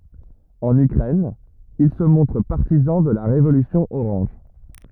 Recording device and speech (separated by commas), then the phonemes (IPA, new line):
rigid in-ear microphone, read sentence
ɑ̃n ykʁɛn il sə mɔ̃tʁ paʁtizɑ̃ də la ʁevolysjɔ̃ oʁɑ̃ʒ